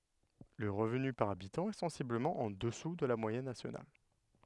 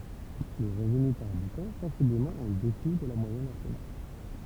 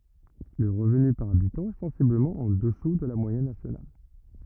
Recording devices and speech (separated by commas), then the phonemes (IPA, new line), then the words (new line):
headset microphone, temple vibration pickup, rigid in-ear microphone, read sentence
lə ʁəvny paʁ abitɑ̃ ɛ sɑ̃sibləmɑ̃ ɑ̃ dəsu də la mwajɛn nasjonal
Le revenu par habitant est sensiblement en dessous de la moyenne nationale.